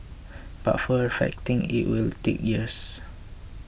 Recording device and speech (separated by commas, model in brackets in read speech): boundary microphone (BM630), read sentence